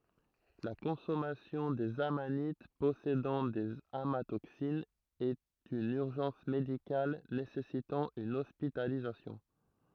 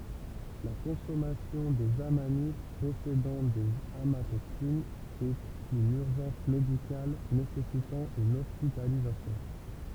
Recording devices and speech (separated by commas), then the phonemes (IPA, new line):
throat microphone, temple vibration pickup, read sentence
la kɔ̃sɔmasjɔ̃ dez amanit pɔsedɑ̃ dez amatoksinz ɛt yn yʁʒɑ̃s medikal nesɛsitɑ̃ yn ɔspitalizasjɔ̃